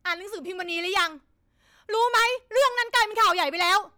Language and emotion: Thai, angry